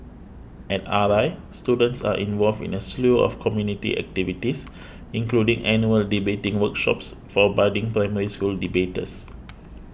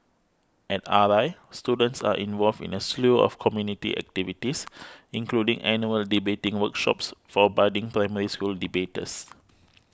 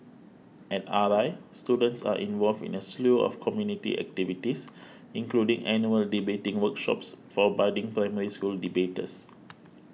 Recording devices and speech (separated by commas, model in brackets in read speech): boundary microphone (BM630), close-talking microphone (WH20), mobile phone (iPhone 6), read sentence